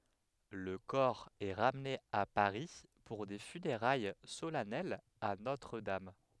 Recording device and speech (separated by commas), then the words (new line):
headset microphone, read sentence
Le corps est ramené à Paris pour des funérailles solennelles à Notre-Dame.